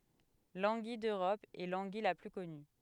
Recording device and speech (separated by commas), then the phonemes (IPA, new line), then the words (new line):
headset microphone, read sentence
lɑ̃ɡij døʁɔp ɛ lɑ̃ɡij la ply kɔny
L'anguille d'Europe est l'anguille la plus connue.